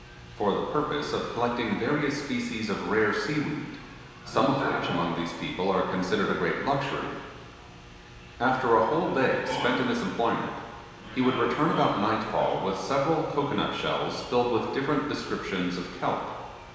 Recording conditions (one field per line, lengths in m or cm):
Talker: one person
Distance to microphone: 1.7 m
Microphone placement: close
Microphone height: 1.0 m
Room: very reverberant, large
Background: television